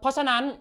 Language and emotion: Thai, angry